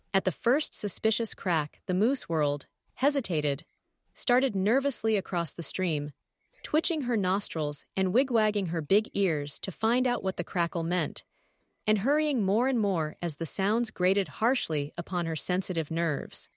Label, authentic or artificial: artificial